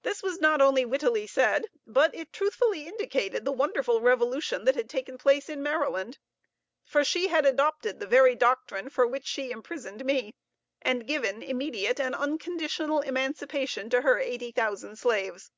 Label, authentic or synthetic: authentic